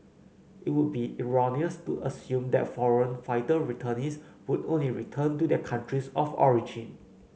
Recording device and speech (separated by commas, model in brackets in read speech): mobile phone (Samsung C9), read sentence